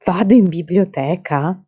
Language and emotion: Italian, surprised